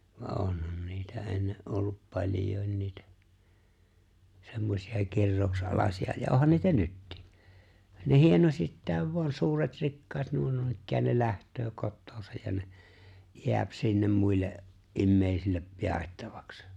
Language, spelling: Finnish, vaan onhan niitä ennen ollut paljokin niitä semmoisia kirouksen alaisia ja onhan niitä nytkin niin hienosittain vain suuret rikkaat nuo noinikään ne lähtee kotoansa ja ne jää sinne muille ihmisille jaettavaksi
- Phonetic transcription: va '’onhan niitä 'enne’ ’ollup 'paĺjòi̬n niitä , semmosi₍a 'kirrooᵘkse’ '’alaśi₍a ja '’ohan niitä "nyttɪɪ , nì 'hienosittài̬v vu̬an̬ 'suuret 'rikkaat nuo 'nuinikkään ne 'läht̀öö 'kottoosaj ja ne , 'jḙäp sinnem 'muille’ , '’immeeⁱsille , 'jàettavaks .

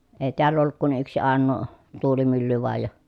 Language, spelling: Finnish, ei täällä ollut kuin yksi ainoa tuulimylly vain ja
- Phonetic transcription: èi̮ teäll ‿olluk kun yksi àennoo , tuulimylly voaj ja ,.

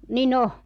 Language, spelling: Finnish, niin on
- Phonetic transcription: 'ni'n ‿o .

